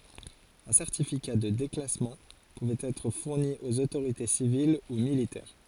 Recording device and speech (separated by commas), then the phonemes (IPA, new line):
forehead accelerometer, read sentence
œ̃ sɛʁtifika də deklasmɑ̃ puvɛt ɛtʁ fuʁni oz otoʁite sivil u militɛʁ